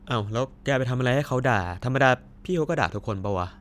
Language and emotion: Thai, neutral